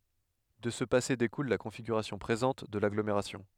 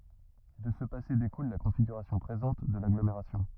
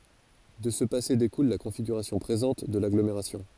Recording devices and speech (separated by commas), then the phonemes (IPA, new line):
headset microphone, rigid in-ear microphone, forehead accelerometer, read sentence
də sə pase dekul la kɔ̃fiɡyʁasjɔ̃ pʁezɑ̃t də laɡlomeʁasjɔ̃